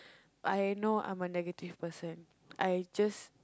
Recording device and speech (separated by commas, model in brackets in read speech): close-talking microphone, conversation in the same room